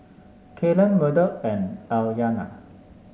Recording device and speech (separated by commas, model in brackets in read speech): mobile phone (Samsung S8), read sentence